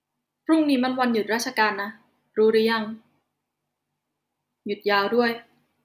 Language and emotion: Thai, neutral